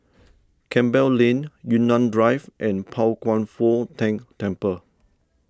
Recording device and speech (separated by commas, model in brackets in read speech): standing microphone (AKG C214), read sentence